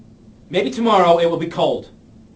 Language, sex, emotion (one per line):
English
male
angry